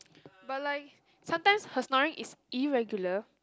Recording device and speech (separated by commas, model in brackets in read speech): close-talking microphone, conversation in the same room